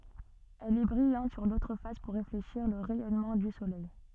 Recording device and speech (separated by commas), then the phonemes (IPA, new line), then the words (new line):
soft in-ear microphone, read sentence
ɛl ɛ bʁijɑ̃t syʁ lotʁ fas puʁ ʁefleʃiʁ lə ʁɛjɔnmɑ̃ dy solɛj
Elle est brillante sur l'autre face pour réfléchir le rayonnement du Soleil.